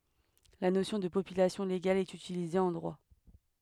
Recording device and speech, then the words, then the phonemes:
headset microphone, read sentence
La notion de population légale est utilisée en droit.
la nosjɔ̃ də popylasjɔ̃ leɡal ɛt ytilize ɑ̃ dʁwa

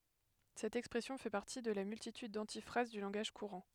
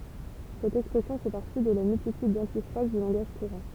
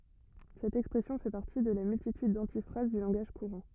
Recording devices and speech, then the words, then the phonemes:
headset microphone, temple vibration pickup, rigid in-ear microphone, read sentence
Cette expression fait partie de la multitude d’antiphrases du langage courant.
sɛt ɛkspʁɛsjɔ̃ fɛ paʁti də la myltityd dɑ̃tifʁaz dy lɑ̃ɡaʒ kuʁɑ̃

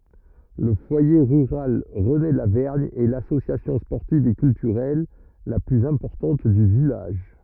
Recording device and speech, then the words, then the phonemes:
rigid in-ear microphone, read sentence
Le foyer rural René-Lavergne est l'association sportive et culturelle la plus importante du village.
lə fwaje ʁyʁal ʁənelavɛʁɲ ɛ lasosjasjɔ̃ spɔʁtiv e kyltyʁɛl la plyz ɛ̃pɔʁtɑ̃t dy vilaʒ

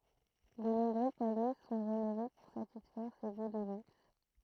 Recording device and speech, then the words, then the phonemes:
throat microphone, read sentence
De nombreux palais sont rénovés pour satisfaire ses goûts de luxe.
də nɔ̃bʁø palɛ sɔ̃ ʁenove puʁ satisfɛʁ se ɡu də lyks

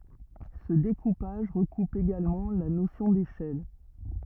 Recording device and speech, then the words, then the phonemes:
rigid in-ear microphone, read sentence
Ce découpage recoupe également la notion d'échelle.
sə dekupaʒ ʁəkup eɡalmɑ̃ la nosjɔ̃ deʃɛl

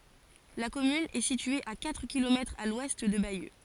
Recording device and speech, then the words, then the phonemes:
forehead accelerometer, read sentence
La commune est située à quatre kilomètres à l'ouest de Bayeux.
la kɔmyn ɛ sitye a katʁ kilomɛtʁz a lwɛst də bajø

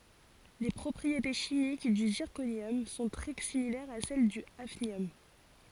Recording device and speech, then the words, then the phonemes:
forehead accelerometer, read sentence
Les propriétés chimiques du zirconium sont très similaires à celles du hafnium.
le pʁɔpʁiete ʃimik dy ziʁkonjɔm sɔ̃ tʁɛ similɛʁz a sɛl dy afnjɔm

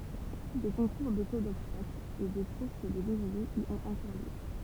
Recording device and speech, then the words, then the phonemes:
temple vibration pickup, read sentence
Des concours de saut d'obstacle et des courses de lévriers y ont encore lieu.
de kɔ̃kuʁ də so dɔbstakl e de kuʁs də levʁiez i ɔ̃t ɑ̃kɔʁ ljø

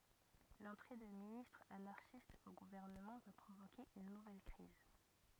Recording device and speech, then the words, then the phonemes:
rigid in-ear microphone, read sentence
L'entrée de ministres anarchiste au gouvernement va provoquer une nouvelle crise.
lɑ̃tʁe də ministʁz anaʁʃist o ɡuvɛʁnəmɑ̃ va pʁovoke yn nuvɛl kʁiz

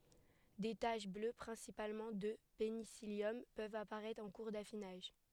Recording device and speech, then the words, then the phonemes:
headset microphone, read sentence
Des taches bleues, principalement de pénicillium, peuvent apparaître en cours d’affinage.
de taʃ blø pʁɛ̃sipalmɑ̃ də penisiljɔm pøvt apaʁɛtʁ ɑ̃ kuʁ dafinaʒ

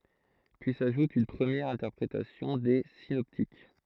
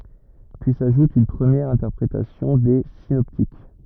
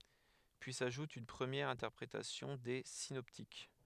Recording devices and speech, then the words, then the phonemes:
throat microphone, rigid in-ear microphone, headset microphone, read sentence
Puis s'ajoute une première interprétation des synoptiques.
pyi saʒut yn pʁəmjɛʁ ɛ̃tɛʁpʁetasjɔ̃ de sinɔptik

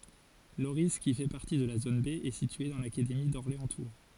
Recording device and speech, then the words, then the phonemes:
forehead accelerometer, read sentence
Lorris, qui fait partie de la zone B, est situé dans l'académie d'Orléans-Tours.
loʁi ki fɛ paʁti də la zon be ɛ sitye dɑ̃ lakademi dɔʁleɑ̃stuʁ

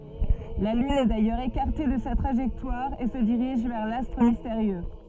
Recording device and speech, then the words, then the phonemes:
soft in-ear microphone, read sentence
La Lune est d'ailleurs écartée de sa trajectoire et se dirige vers l'astre mystérieux.
la lyn ɛ dajœʁz ekaʁte də sa tʁaʒɛktwaʁ e sə diʁiʒ vɛʁ lastʁ misteʁjø

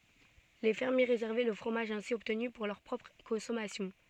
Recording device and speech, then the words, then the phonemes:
soft in-ear microphone, read sentence
Les fermiers réservaient le fromage ainsi obtenu pour leur propre consommation.
le fɛʁmje ʁezɛʁvɛ lə fʁomaʒ ɛ̃si ɔbtny puʁ lœʁ pʁɔpʁ kɔ̃sɔmasjɔ̃

